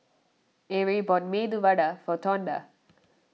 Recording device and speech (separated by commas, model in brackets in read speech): mobile phone (iPhone 6), read sentence